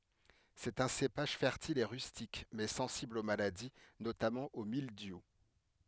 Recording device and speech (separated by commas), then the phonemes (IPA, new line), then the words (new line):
headset microphone, read sentence
sɛt œ̃ sepaʒ fɛʁtil e ʁystik mɛ sɑ̃sibl o maladi notamɑ̃ o mildju
C'est un cépage fertile et rustique, mais sensible aux maladies, notamment au mildiou.